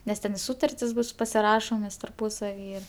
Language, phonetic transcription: Lithuanian, nes ˈten i ˈsūtartis bus pasiˈrašomės tarˈpūsavy

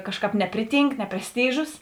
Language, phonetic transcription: Lithuanian, ˈkažˌkāp ˈnepriˌtynk ne presˈtyžus

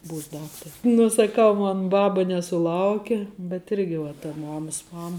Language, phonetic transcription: Lithuanian, ˈbūs ˈdaktari ˈnū saˈkau ˈmon ˈbaba nesuˈlauke bet ˈirgi va ta ˈmamas ˈmama

